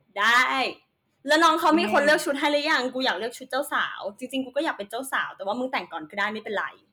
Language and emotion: Thai, happy